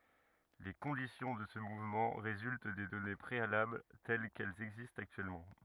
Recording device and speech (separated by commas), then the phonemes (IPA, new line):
rigid in-ear microphone, read sentence
le kɔ̃disjɔ̃ də sə muvmɑ̃ ʁezylt de dɔne pʁealabl tɛl kɛlz ɛɡzistt aktyɛlmɑ̃